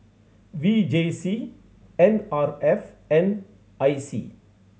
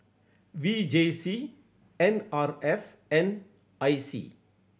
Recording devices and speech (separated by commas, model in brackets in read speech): mobile phone (Samsung C7100), boundary microphone (BM630), read sentence